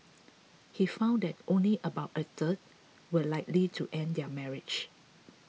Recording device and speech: mobile phone (iPhone 6), read sentence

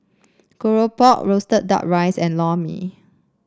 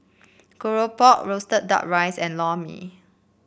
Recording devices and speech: standing microphone (AKG C214), boundary microphone (BM630), read sentence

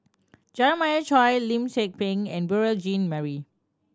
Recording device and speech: standing microphone (AKG C214), read sentence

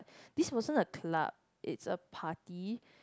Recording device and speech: close-talking microphone, conversation in the same room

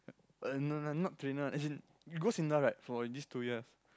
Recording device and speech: close-talking microphone, conversation in the same room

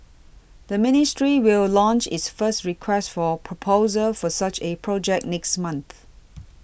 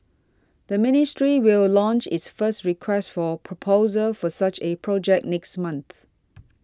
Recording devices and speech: boundary microphone (BM630), standing microphone (AKG C214), read sentence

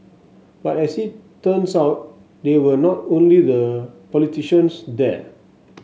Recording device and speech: mobile phone (Samsung S8), read sentence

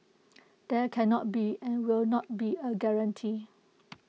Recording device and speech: mobile phone (iPhone 6), read sentence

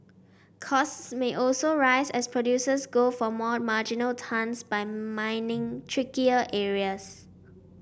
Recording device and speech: boundary microphone (BM630), read sentence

